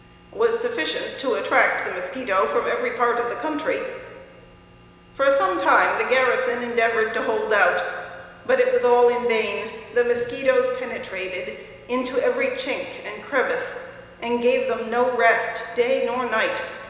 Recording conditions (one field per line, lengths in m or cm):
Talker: one person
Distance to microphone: 1.7 m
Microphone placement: close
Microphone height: 1.0 m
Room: very reverberant, large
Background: none